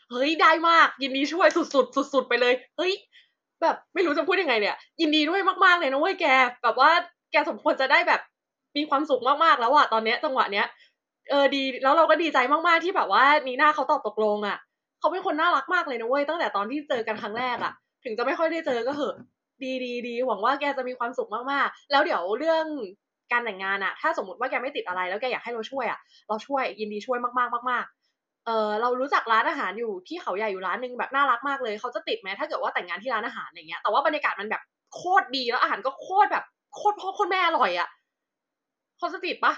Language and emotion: Thai, happy